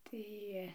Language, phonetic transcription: Lithuanian, ˈtai

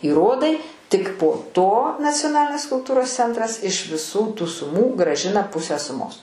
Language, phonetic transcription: Lithuanian, įˈrodai ˈtik po ˈto nacioˈnalinės kulˈtūros ˈcentras iš viˈsų tų suˈmų grąˈžina ˈpusę suˈmos

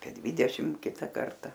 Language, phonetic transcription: Lithuanian, apie ˈdvydešim ˈkita ˈkarta

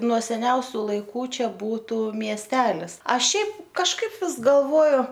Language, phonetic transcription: Lithuanian, nuo seˈniausiu laiˈkų ˈčia ˈbūtu miesˈtelis ˈaš ˈšiaip kažˈkaip ˈvis galˈvoju

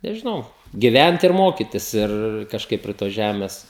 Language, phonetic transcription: Lithuanian, nežiˈnau giˈvent ir ˈmokitis ˈir kažˈkaip prie tos ˈžæmes

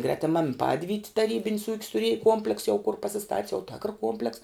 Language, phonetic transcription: Lithuanian, gretiˈmam ˈpadvyti taˈrybin's ūk's tuˈriej ˈkuompleks jau kur pasiˈstat's jau tėkr ˈkuompleks

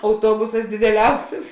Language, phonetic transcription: Lithuanian, auˈtuobusas dideˈliausis

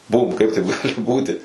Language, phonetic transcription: Lithuanian, ˈbūm ˈkaip taip ˈgali ˈbūti

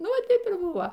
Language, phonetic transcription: Lithuanian, ˈnu ˈva ˈtaip ir ˈbuvo

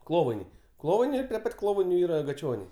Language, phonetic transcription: Lithuanian, ˈklovainiai ˈklovainiai ˈir pri ˈpat' ˈklovainiu ˈyra gaˈčioniai

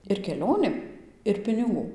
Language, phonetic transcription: Lithuanian, ir keˈlionėm ir piniˈgų

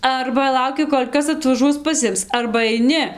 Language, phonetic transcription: Lithuanian, ˈarba ˈlauki ˈkol' ˈkas atvaˈžuos paˈsims arba aiˈni

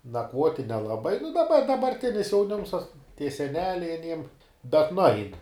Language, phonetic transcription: Lithuanian, nakˈvuoti nelaˈbai nu daˈba dabarˈtinis jauˈnims tas tie seˈneliai aˈniem bet nuˈain

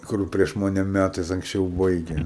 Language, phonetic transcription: Lithuanian, ˈkur prieš ˈmane ˈmætais anksˈčiau ˈbaige

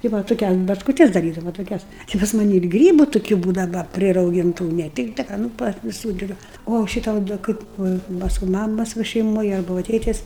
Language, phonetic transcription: Lithuanian, tai ˈva toˈkias bačkuˈtes daˈrydava toˈkias ˈči pas maˈni ir ˈgrybu tuˈkių ˈbūdava prirauˈgintu ne ˈtikta ˈka nu par viˈsų ˈdar o ˈšita o da ˈkaip ˈva ˈpasku ˈmamas ˈva šeiˈmoj ˈarba ˈva ˈtėtes

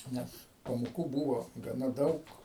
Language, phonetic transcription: Lithuanian, ˈnes pamoˈkų ˈbūvo gaˈna ˈdaug

